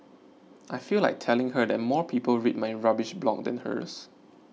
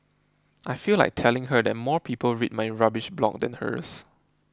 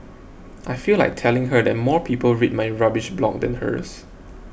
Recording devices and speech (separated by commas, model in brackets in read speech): mobile phone (iPhone 6), close-talking microphone (WH20), boundary microphone (BM630), read sentence